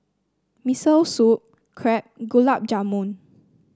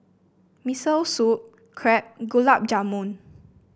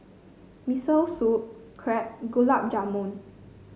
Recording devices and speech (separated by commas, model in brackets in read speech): standing microphone (AKG C214), boundary microphone (BM630), mobile phone (Samsung C5), read sentence